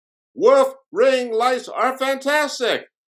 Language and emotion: English, surprised